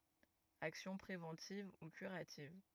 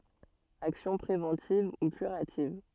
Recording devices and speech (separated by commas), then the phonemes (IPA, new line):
rigid in-ear microphone, soft in-ear microphone, read sentence
aksjɔ̃ pʁevɑ̃tiv u kyʁativ